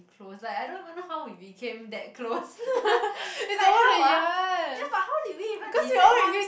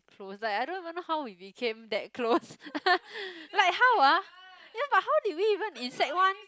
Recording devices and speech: boundary microphone, close-talking microphone, conversation in the same room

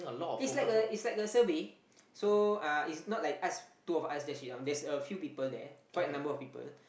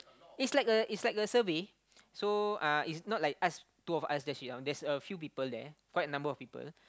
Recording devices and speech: boundary microphone, close-talking microphone, conversation in the same room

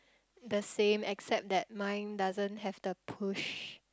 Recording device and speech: close-talking microphone, conversation in the same room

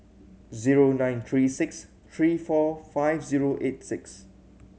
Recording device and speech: mobile phone (Samsung C7100), read sentence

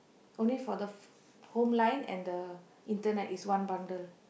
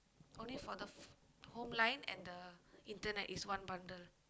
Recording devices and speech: boundary microphone, close-talking microphone, conversation in the same room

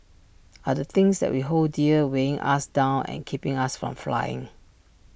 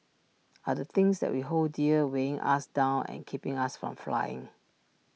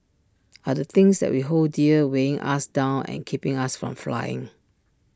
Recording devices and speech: boundary microphone (BM630), mobile phone (iPhone 6), standing microphone (AKG C214), read sentence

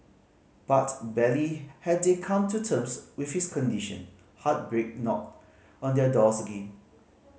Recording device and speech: mobile phone (Samsung C5010), read sentence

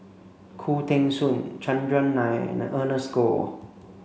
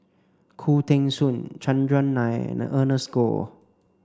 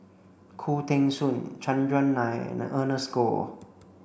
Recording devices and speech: mobile phone (Samsung C5), standing microphone (AKG C214), boundary microphone (BM630), read sentence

